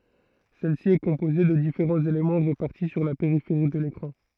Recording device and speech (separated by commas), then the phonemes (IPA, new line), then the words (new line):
throat microphone, read sentence
sɛl si ɛ kɔ̃poze də difeʁɑ̃z elemɑ̃ ʁepaʁti syʁ la peʁifeʁi də lekʁɑ̃
Celle-ci est composée de différents éléments répartis sur la périphérie de l'écran.